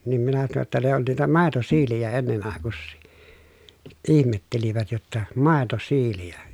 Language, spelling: Finnish, niin minä sanoin jotta ne on niitä maitosiilejä ennen aikuisia ihmettelivät jotta maitosiilejä
- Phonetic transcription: nim minä tano ‿tta » ne on niitä màetosiilijä ennen àekussii » , ʼihmettelivät jotta , » màetosiilijä ? »

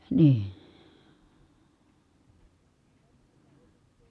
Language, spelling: Finnish, niin se paloi
- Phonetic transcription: nii , se palo .

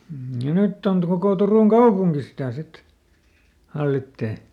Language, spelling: Finnish, mm ja nyt - koko Turun kaupunki sitä sitten hallitsee
- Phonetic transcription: m̥ ja "nytt ‿ont- kokò ˈTurùŋ "kaupuŋki sitä̀ ˈsit , ˈhallittee .

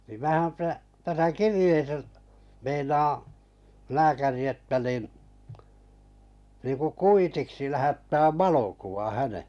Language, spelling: Finnish, niin minähän - tässä kirjeessä meinaa lääkäri että niin niin kuin kuitiksi lähettää valokuva hänen
- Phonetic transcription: nim 'määhäm 'pä- , » täsä "kirⁱjeesä , 'meinaa , 'lääkäri että nìn , nìku "kuitiksi lähättääv "valokuva 'häne « .

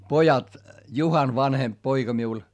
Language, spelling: Finnish, pojat Juhan vanhempi poika minulla
- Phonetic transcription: pojat , Juhan vanhemp poiGa miul , .

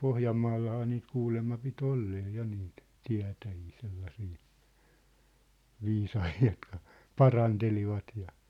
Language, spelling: Finnish, Pohjanmaallahan niitä kuulemma piti olla ja niitä tietäjiä sellaisia viisaita jotka parantelivat ja
- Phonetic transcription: Pohjammaallahaa niit 'kuulemma pi't ‿ollee 'ja niit , 'tiä̭täjii 'sellasii , 'viisahii jotka , "parantelivat ja ,.

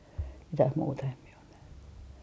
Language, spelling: Finnish, mitään muuta en minä ole nähnyt
- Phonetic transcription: "mitäh 'muuta em mie on nähny .

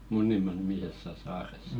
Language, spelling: Finnish, Munnimaa nimisessä saaressa
- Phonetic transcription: "Munnimà nimisessä 'saaressᴀ .

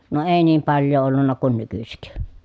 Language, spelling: Finnish, no ei niin paljoa ollut kuin nykyisin
- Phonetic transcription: no èi niim palj̆joo ollunna kun nykysik .

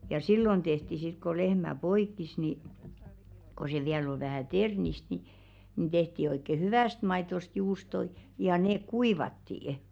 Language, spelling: Finnish, ja silloin tehtiin sitten kun lehmä poiki niin kun se vielä oli vähän ternistä niin niin tehtiin oikein hyvästä maidosta juustoja ja ne kuivattiin
- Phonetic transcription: ja "sillon 'ᴅehti sit ko 'lehmä "poikkis ni , ko se 'viäl ‿ol 'vähä̀ "ternist ni , ni 'tehti oikke "hyvä̀st 'maitost 'juustol , ja 'neek "kuivatti₍ᵊ .

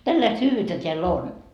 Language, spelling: Finnish, tällaista hyvyyttä täällä on
- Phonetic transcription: 'tälläist 'hyyvyyttä teäl"l ‿on .

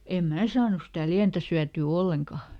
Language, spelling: Finnish, en minä saanut sitä lientä syötyä ollenkaan
- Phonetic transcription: em "mää saanus sitä ˈliäntä syätyy "olleŋka .

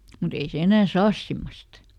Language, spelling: Finnish, mutta ei se enää saa semmoista
- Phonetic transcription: muˈt ‿ei se ˈenää "saas ˈsimmost .

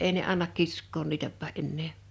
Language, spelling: Finnish, ei ne anna kiskoa niitäkään enää
- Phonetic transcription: 'èi ne 'annak "kisk̆koon 'niitäppä '’ennee .

